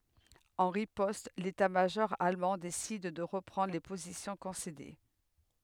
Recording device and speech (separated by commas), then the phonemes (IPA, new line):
headset microphone, read sentence
ɑ̃ ʁipɔst letatmaʒɔʁ almɑ̃ desid də ʁəpʁɑ̃dʁ le pozisjɔ̃ kɔ̃sede